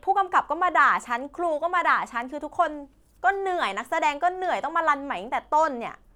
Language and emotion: Thai, frustrated